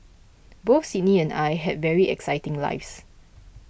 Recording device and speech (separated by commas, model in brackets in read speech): boundary microphone (BM630), read sentence